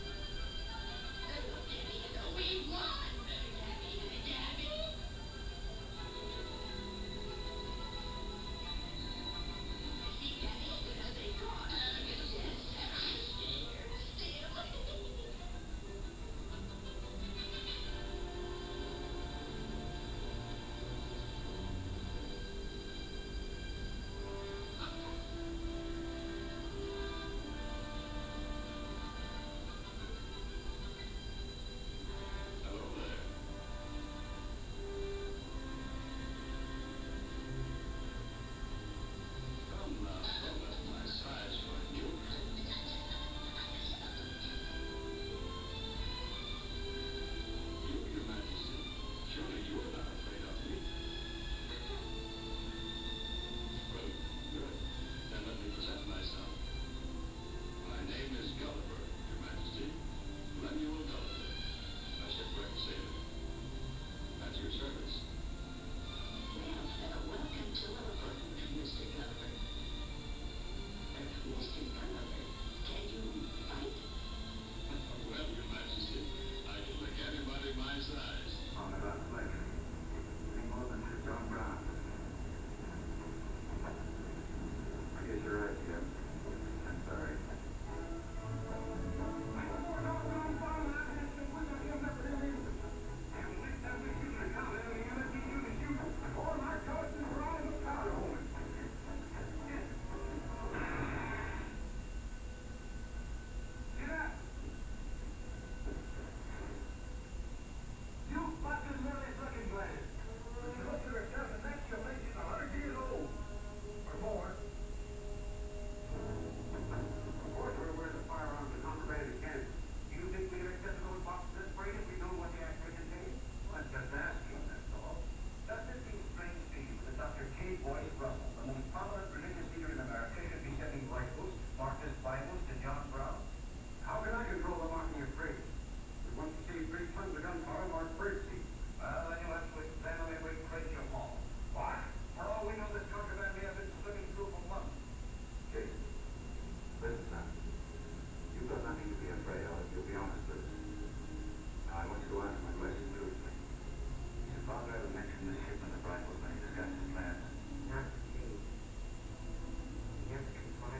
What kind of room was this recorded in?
A big room.